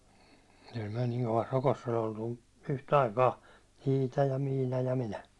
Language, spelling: Finnish, kyllä me niin kovassa rokossa oli oltu yhtä aikaa Iita ja Miina ja minä
- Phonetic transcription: kyl myäₒ niŋ kovas 'rokoss ‿ol ‿oltu , "yh'taikaa , "Iita ja "Miina ja "minä .

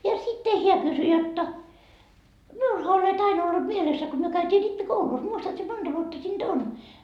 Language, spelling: Finnish, ja sitten hän kysyi jotta minullahan olet aina ollut mielessä kun me käytiin rippikoulussa muistatko sinä monta vuotta siitä on
- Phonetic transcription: ja 'sitte 'heä kysy jotta , » 'miulha olet 'aina ollut 'mielessä ko myö 'käytii 'rippi"koulus 'muistat si 'monDa vuotta siin"D ‿on ? »

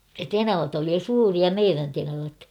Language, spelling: Finnish, tenavat oli jo suuria meidän tenavat
- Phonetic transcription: tenavat ‿oli jo "suuria "meirän 'tenavat .

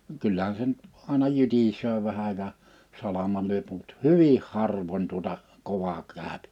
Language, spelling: Finnish, vaan kyllähän se nyt aina jytisee vähän ja salamalla lyö mutta hyvin harvoin tuota kovaksi käy
- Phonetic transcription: [va]n 'kyllähän se nʸt , 'àena 'jytisöö 'vähä ja , 'salamal lyöp mut "hyvih 'harvoń 'tuᵒta , 'kovak[si] 'kä̀öpɪ .

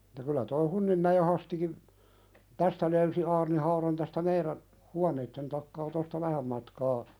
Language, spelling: Finnish, että kyllä tuo Hunninmäen Hastikin tästä löysi aarnihaudan tästä meidän huoneiden takaa tuosta vähän matkaa
- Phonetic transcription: että kylä toi "Hunnimmäjé Hastikim , 'tästä löysi aarnihauðan tästä 'meiðän , "huaneitten takkaa tosta "vähäm matkaa ,.

